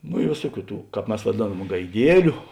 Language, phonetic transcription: Lithuanian, no i ˈvėsuoˌkių ˈtų ˈkāp ˈmes vaˈdėnam gaiˈdieliu

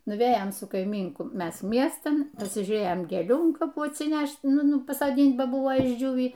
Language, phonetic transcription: Lithuanian, nuˈvėjom su kaiˈmynku ˈmes ˈmiestan nusižiūˈrėjom gėˈlių an kaˈpų atsiˈnæšt' ˈnu ˈnu pasoˈdynt' ba ˈbuvo išˈdžiūvį

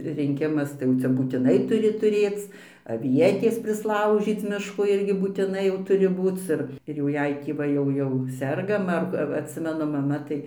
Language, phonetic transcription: Lithuanian, rinˈkimas tai ˈjau cia būtiˈnai tuˈri tuˈrėc aˈvietės prisˈlaužyc ˈmiško ˈirgi būtiˈnai jau ˈturi ˈbūc ir ir jau ˈjei tį ˈva jau ˈjau ˈsergam ar va atˈsimenu maˈma ˈtai

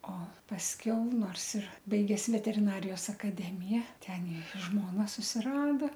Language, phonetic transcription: Lithuanian, o pasˈkiau ˈnors ir ˈbaiges veteriˈnarijos akaˈdemiją ˈten ir ˈžmona susiˈrada

